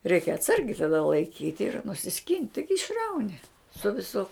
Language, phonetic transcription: Lithuanian, reik' atˈsargiai taˈda laiˈkyt' ir nusiˈskint' ˈtaigi išˈrauni su viˈsu

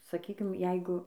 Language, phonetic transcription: Lithuanian, saˈkykim ˈjeigu

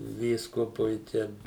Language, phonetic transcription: Lithuanian, ˈvyskupui ˈten

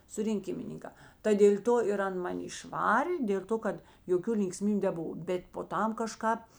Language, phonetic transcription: Lithuanian, surinˈkimininkā ta dėl' ˈto ir ˈan maˈni išˈvarė dėl ˈto kad joˈkių linkˈsmybiu neˈbuva ˈbet po ˈtam kaˈžkāp

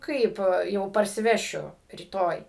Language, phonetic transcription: Lithuanian, ˈkaip jau parsiˈvešiu ryˈtoj

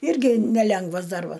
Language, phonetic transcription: Lithuanian, ˈirgi neˈlengvas ˈdarbas

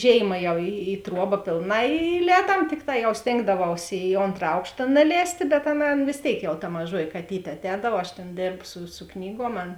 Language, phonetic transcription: Lithuanian, ˈžėima jau i i ˈtruoba ˈpėlˌnā i iˈlēdam ˈtikˌtā jau ˈstėngdavaus i ˈontra ˈaukšta naˈlēstė bet ˈaˌna ˈaˌna vės ˈtėik jau ta maˈžuoji kaˈtytė atˈēdav aš ˈtėn ˈdėrbsu su ˈknyguom ˈan

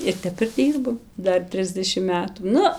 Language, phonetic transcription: Lithuanian, ir ˈtep ir ˈdyrbam ˈdar ˈtrisdešim ˈmetų ˈnu

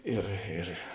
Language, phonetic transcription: Lithuanian, ˈir ir

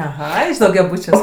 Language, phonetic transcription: Lithuanian, aˈha iš daugiaˈbūčiuos

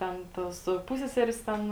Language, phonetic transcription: Lithuanian, ˈten ˈtos ˈpusseserės ˈten

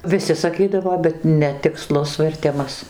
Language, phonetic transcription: Lithuanian, viˈsi saˈkydavo bet netikˈslus verˈtimas

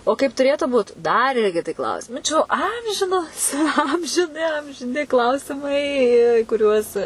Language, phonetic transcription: Lithuanian, o ˈkaip tuˈrėtu ˈbūt dar ˈirgi kiˈti ˈklausimai čia jau ˈamžinos amžiˈni amžiˈni ˈklausimai į į kuˈriuos

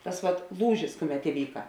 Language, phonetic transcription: Lithuanian, ˈtas vat ˈlūžis ˈkuˌmet iˈvyka

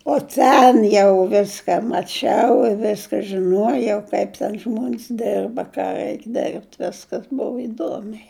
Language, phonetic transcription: Lithuanian, o ˈten jau ˈviska maˈčiau i ˈveska žiˈnuojau kaip ˈten ˈžmuon's ˈderba ˈką ˈreik derbt' ˈviskas ˈbova iˈduomiai

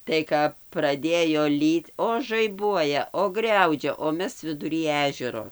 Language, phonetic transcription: Lithuanian, tai ˈkap praˈdėjo ˈlyt o žaiˈbuoja o ˈgriaudžia o ˈmes viduˈry ˈežero

